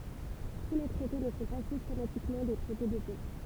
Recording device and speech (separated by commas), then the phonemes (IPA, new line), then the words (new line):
temple vibration pickup, read sentence
tu le tʁɛte nə sɔ̃ pa sistematikmɑ̃ de tʁɛte də pɛ
Tous les traités ne sont pas systématiquement des traités de paix.